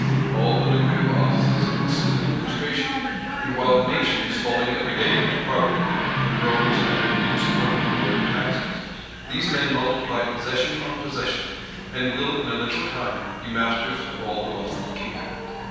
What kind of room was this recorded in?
A large and very echoey room.